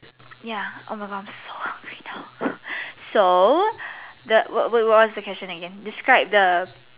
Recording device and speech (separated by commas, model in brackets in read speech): telephone, conversation in separate rooms